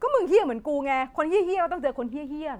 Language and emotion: Thai, angry